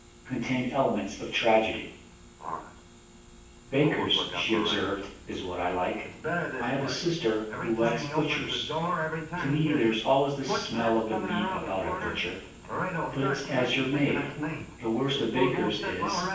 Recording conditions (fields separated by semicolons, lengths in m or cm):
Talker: one person; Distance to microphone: 9.8 m; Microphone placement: far; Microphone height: 1.8 m; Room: large; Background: television